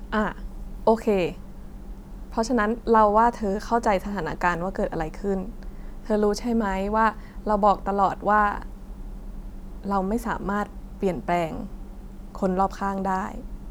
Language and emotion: Thai, neutral